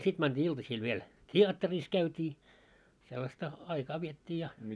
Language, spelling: Finnish, sitten mentiin iltasilla vielä teatterissa käytiin sellaista aikaa vietettiin ja
- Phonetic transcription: 'sit mänᴅii 'iltasiil viel , "t́i₍atteris 'käyt́ii , sellasta , 'aikaa viettii ja .

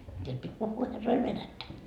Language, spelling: Finnish, siellä piti puhua herroille venäjää
- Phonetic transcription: siel pit́ 'puhhuu 'herroil "venättä .

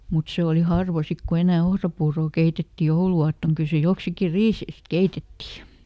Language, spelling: Finnish, mutta se oli harva sitten kun enää ohrapuuroa keitettiin jouluaattona kyllä se joksikin riiseistä keitettiin
- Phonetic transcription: mut ˈse oli ˈharva ˈsik ku ˈenä̀ "ohrapuurò ˈkeitetti "joulu₍aattoŋ ˈkyl se ˈjoksiki "riiseist "keitettì .

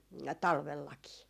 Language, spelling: Finnish, talvellakin
- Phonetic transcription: "talvellakii .

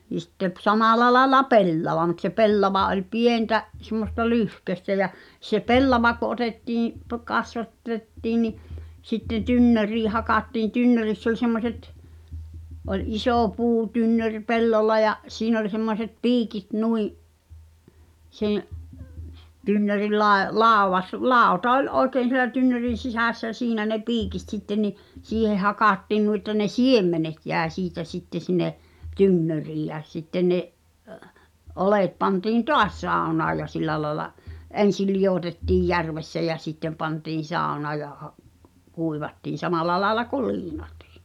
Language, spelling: Finnish, niin sitten - samalla lailla pellava mutta se pellava oli pientä semmoista lyhkäistä ja se pellava kun otettiin - - kasvatettiin niin sitten tynnyriin hakattiin tynnyrissä oli semmoiset oli iso puutynnyri pellolla ja siinä oli semmoiset piikit noin se tynnyrin - - lauta oli oikein siellä tynnyrin sisässä ja siinä ne piikit sitten niin siihen hakattiin noin että ne siemenet jäi siitä sitten sinne tynnyriin ja sitten ne oljet pantiin taas saunaan ja sillä lailla ensin liotettiin järvessä ja sitten pantiin saunaan ja - kuivattiin samalla lailla kuin liinatkin
- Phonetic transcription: ni sitte p- , "samàla laĕla "pellava mut se "pellava oĺ 'pientä , semmosta "lyhköstä jä , se "pellava ko̳ ’otettiiḭ , (po-) 'kasva- , -'t̀ettiin ni , sitten̆ "tynnörii hakattiiḭ "tynnöriss ‿oĺ semmoset , ’oĺ 'isò 'puu'tynnöŕ "pellolla ja , siin ‿oĺ semmoset "piikit 'nui’ , seḛ’ , tynnöril 'lae- , 'làovas- , "làota ol̀' '’oi̬keen̬ sielä tynnö̭rin̬ 'sisä̀ssä ʲᵃ̈ 'siinä ne "piikit sitte ni , "siiheh̆ 'hakàttiin nui ᵉttä ne "siemmenet jä̀e 'siitä 'sitte 'sine’ , "tynnöriij jä sitteⁿ ne’ , '’olèt pantiin "toas 'sàu̬naa ja 'sil̆lä laĕla , "’en̬sil̆ liʲotettìj 'järvessä jä 'sittem̆ pantiin̬ 'sàu̬naa ja ha’- , 'kuivattiin̬ "samala 'laela kul "liinatɪɪ .

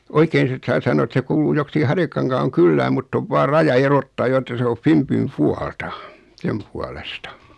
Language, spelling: Finnish, oikein sitten saa sanoa että se kuuluu joksikin Harjakankaan kylään mutta on vain raja erottaa jo että se on Finbyn puolta sen puolesta
- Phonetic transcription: 'oikeen sit saa 'saǹo et se 'kuuluu joksiki 'Harjakaŋkaaŋ "kylläm mutt ‿ov 'vaar 'raja 'erottaa jo että se o 'Fimpym 'pualta , 'sem pualesta .

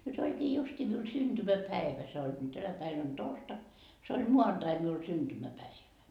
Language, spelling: Finnish, nyt olikin justiin minun syntymäpäivä se olikin tänä päivänä on torstai se oli maanantai minulla syntymäpäivä
- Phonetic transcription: nyt 'oĺkii 'justii miun synDymäpäevä se oĺkii tänä päin ‿on "torstak , se ol "muanDai miul 'synDymäpäivä .

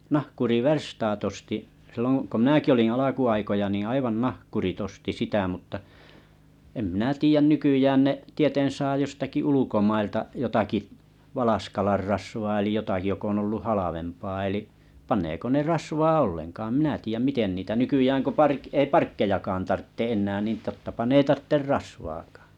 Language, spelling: Finnish, nahkuriverstaat osti silloin kun minäkin olin alkuaikoja niin aivan nahkurit osti sitä mutta en minä tiedä nykyään ne tieten saa jostakin ulkomailta jotakin valaskalan rasvaa eli jotakin joka on ollut halvempaa eli paneeko ne rasvaa ollenkaan en minä tiedä miten niitä nykyään kun - ei parkkejakaan tarvitse enää niin tottapa ne ei tarvitse rasvaakaan
- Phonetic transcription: 'nahkuri'versstaat osti , 'silloŋ ko 'mnääki oliiḭ 'alaku₍aikoja niⁱ̰ 'aivan "nahkurit 'osti 'sitä mutta , em 'minä tiijän 'nykyjään ne’ , tieten 'saa jostaki 'ulukomailta jotaki’ , 'valaskalar 'rasvaa elij 'jotaki jok ‿on olluh 'halavempaa eli’ , 'pan̆neeko ne "rasvaa 'olleŋkaa em minä tiijäm 'miten niitä 'nykyjääŋ ko 'park- , 'ei "parkkejakaan 'tartte '’ennää nin 'tottapa ne 'ei 'tartter "rasvaakᴀᴀ .

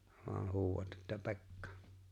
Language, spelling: Finnish, vain huudat että Pekka
- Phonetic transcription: voaɴ 'huuwat että "Pe̬kka . «

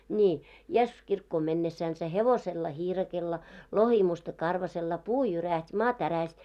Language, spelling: Finnish, niin Jeesus kirkkoon mennessänsä hevosella hiirakolla lohimusta karvaisella puu jyrähti maa tärähti
- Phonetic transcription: ńii , » 'Jessus 'kirkkoom 'mennessänsä , 'hevosella 'hiirakella , 'lohimusta 'karvasella , 'puu 'jyräht́ 'maa 'täräht́ .

